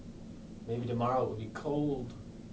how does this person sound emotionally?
neutral